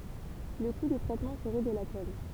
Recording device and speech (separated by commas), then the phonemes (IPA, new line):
temple vibration pickup, read sentence
lə ku də tʁɛtmɑ̃ səʁɛ də la tɔn